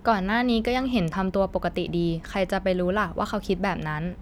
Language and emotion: Thai, neutral